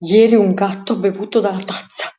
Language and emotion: Italian, fearful